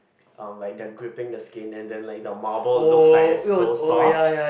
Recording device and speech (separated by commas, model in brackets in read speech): boundary microphone, conversation in the same room